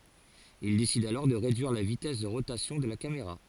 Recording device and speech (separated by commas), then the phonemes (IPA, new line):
forehead accelerometer, read sentence
il desid alɔʁ də ʁedyiʁ la vitɛs də ʁotasjɔ̃ də la kameʁa